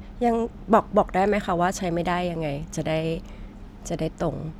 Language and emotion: Thai, neutral